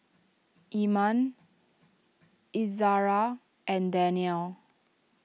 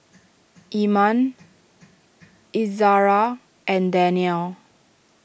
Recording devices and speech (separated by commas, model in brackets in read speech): mobile phone (iPhone 6), boundary microphone (BM630), read sentence